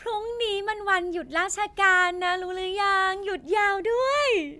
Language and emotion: Thai, happy